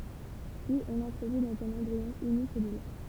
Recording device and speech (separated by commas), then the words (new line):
temple vibration pickup, read sentence
Puis on l'introduit dans un embryon unicellulaire.